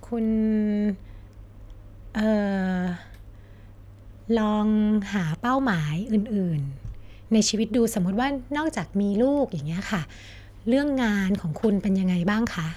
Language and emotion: Thai, neutral